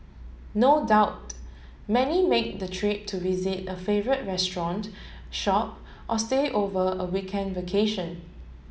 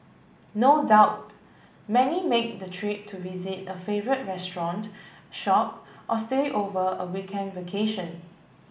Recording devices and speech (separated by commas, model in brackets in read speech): mobile phone (Samsung S8), boundary microphone (BM630), read sentence